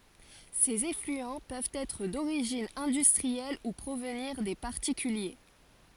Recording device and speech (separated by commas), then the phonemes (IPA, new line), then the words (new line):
forehead accelerometer, read sentence
sez eflyɑ̃ pøvt ɛtʁ doʁiʒin ɛ̃dystʁiɛl u pʁovniʁ de paʁtikylje
Ces effluents peuvent être d'origine industrielle ou provenir des particuliers.